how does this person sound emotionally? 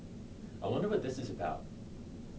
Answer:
neutral